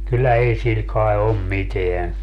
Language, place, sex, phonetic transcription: Finnish, Padasjoki, male, 'kyllä 'ei sil kai̮ 'om "miteän .
- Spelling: kyllä ei sillä kai ole mitään

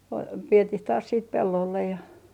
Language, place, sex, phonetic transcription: Finnish, Artjärvi, female, p - 'vietih taas siit 'pellollej ja ,.
- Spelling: - vietiin taas sitten pellolle ja

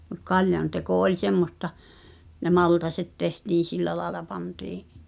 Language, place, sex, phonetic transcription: Finnish, Pihtipudas, female, mut 'kaljan teko oĺ semmosta , ne "maltaset 'tehtiin̬ "sillä laela 'pantii’ ,.
- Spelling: mutta kaljan teko oli semmoista ne maltaat tehtiin sillä lailla pantiin

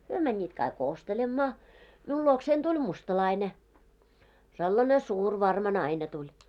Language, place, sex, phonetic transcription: Finnish, Moloskovitsa, female, 'hyö mäńńiit kaik "ostelemmaa , 'miul luoksein 'tuĺ "mustalaine , sellane 'suur 'varma 'naine tuĺ .
- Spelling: he menivät kaikki ostelemaan minun luokseni tuli mustalainen sellainen suuri varma nainen tuli

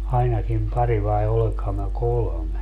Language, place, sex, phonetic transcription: Finnish, Padasjoki, male, 'ainakim 'pari vai 'oleŋkham mä "kolᵒme .
- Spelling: ainakin pari vai olenkohan minä kolme

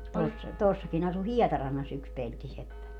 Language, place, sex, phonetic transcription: Finnish, Padasjoki, female, tuossa , 'tuossakin ‿asu "Hiɛtarannas yks 'peltiseppä .
- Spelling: tuossa tuossakin asui Hietarannassa yksi peltiseppä

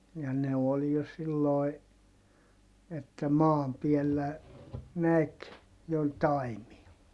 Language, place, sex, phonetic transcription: Finnish, Heinola, male, ja ne ol jo silloi̮ , että maam piɛllä , näk , jo taimia .
- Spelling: ja ne oli jo silloin että maan päällä näki jo taimia

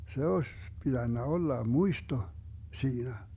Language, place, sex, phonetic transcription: Finnish, Vermlanti, male, 'se 'oś , 'piDännä 'olla "muisto , 'siinä .
- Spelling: se olisi pitänyt olla muisto siinä

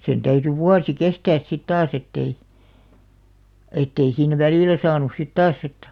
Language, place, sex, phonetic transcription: Finnish, Alastaro, female, 'sen täyty "vuasi "kestääs sit 'taas ettei , 'ettei siin "välìlä 'saanus sit "taas ‿ettᴀ̈ ,.
- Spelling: sen täytyi vuosi kestää sitten taas että ei että ei siinä välillä saanut sitten taas että

